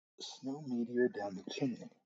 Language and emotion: English, fearful